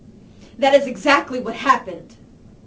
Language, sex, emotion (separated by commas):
English, female, angry